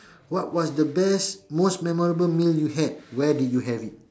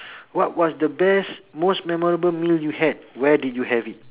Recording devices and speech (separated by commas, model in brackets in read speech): standing microphone, telephone, conversation in separate rooms